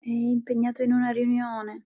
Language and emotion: Italian, sad